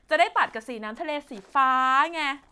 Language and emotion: Thai, happy